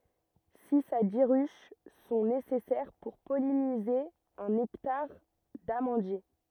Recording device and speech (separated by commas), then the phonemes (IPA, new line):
rigid in-ear microphone, read sentence
siz a di ʁyʃ sɔ̃ nesɛsɛʁ puʁ pɔlinize œ̃n ɛktaʁ damɑ̃dje